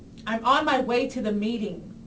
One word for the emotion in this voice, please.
angry